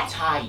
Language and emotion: Thai, frustrated